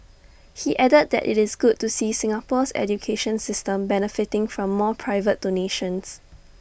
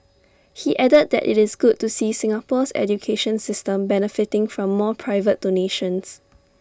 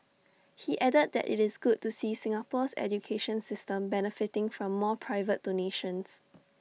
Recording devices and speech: boundary microphone (BM630), standing microphone (AKG C214), mobile phone (iPhone 6), read sentence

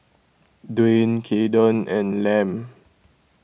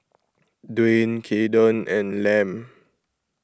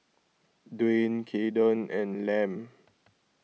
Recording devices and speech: boundary microphone (BM630), close-talking microphone (WH20), mobile phone (iPhone 6), read sentence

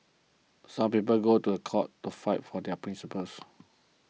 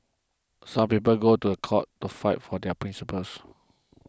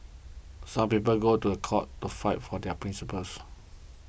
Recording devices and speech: mobile phone (iPhone 6), close-talking microphone (WH20), boundary microphone (BM630), read sentence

